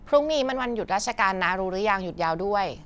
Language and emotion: Thai, neutral